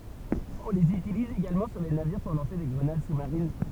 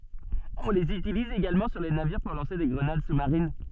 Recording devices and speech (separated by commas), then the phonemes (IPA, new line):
temple vibration pickup, soft in-ear microphone, read sentence
ɔ̃ lez ytiliz eɡalmɑ̃ syʁ le naviʁ puʁ lɑ̃se de ɡʁənad su maʁin